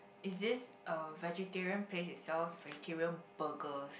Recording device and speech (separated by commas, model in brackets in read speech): boundary microphone, conversation in the same room